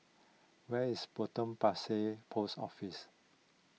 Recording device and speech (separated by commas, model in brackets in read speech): mobile phone (iPhone 6), read sentence